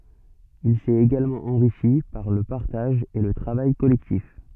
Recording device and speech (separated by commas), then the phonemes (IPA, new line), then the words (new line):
soft in-ear microphone, read sentence
il sɛt eɡalmɑ̃ ɑ̃ʁiʃi paʁ lə paʁtaʒ e lə tʁavaj kɔlɛktif
Il s'est également enrichi par le partage et le travail collectif.